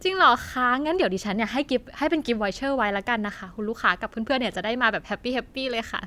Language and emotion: Thai, happy